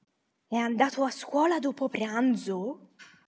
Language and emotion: Italian, surprised